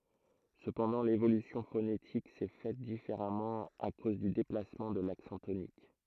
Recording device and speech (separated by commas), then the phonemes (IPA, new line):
throat microphone, read sentence
səpɑ̃dɑ̃ levolysjɔ̃ fonetik sɛ fɛt difeʁamɑ̃ a koz dy deplasmɑ̃ də laksɑ̃ tonik